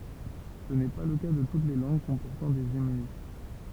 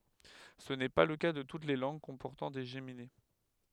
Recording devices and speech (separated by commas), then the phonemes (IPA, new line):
temple vibration pickup, headset microphone, read sentence
sə nɛ pa lə ka də tut le lɑ̃ɡ kɔ̃pɔʁtɑ̃ de ʒemine